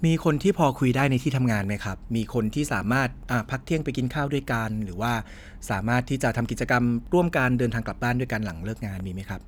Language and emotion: Thai, neutral